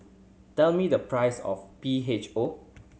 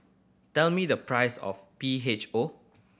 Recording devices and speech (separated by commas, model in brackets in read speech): mobile phone (Samsung C7100), boundary microphone (BM630), read sentence